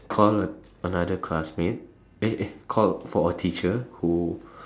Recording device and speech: standing microphone, conversation in separate rooms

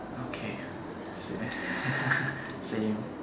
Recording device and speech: standing microphone, conversation in separate rooms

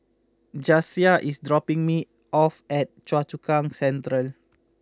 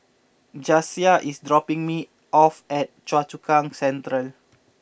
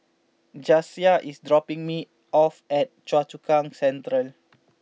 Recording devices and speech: close-talking microphone (WH20), boundary microphone (BM630), mobile phone (iPhone 6), read sentence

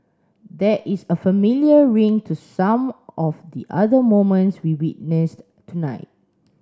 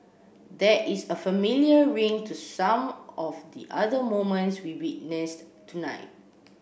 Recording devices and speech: standing microphone (AKG C214), boundary microphone (BM630), read sentence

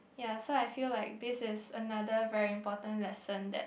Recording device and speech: boundary microphone, conversation in the same room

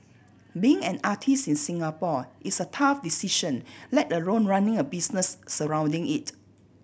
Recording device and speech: boundary microphone (BM630), read sentence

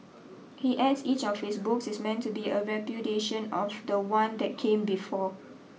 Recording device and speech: mobile phone (iPhone 6), read sentence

